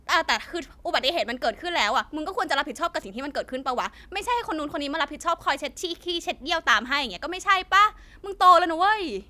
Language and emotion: Thai, angry